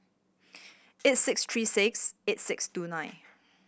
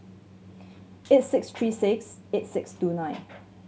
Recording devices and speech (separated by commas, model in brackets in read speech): boundary microphone (BM630), mobile phone (Samsung C7100), read sentence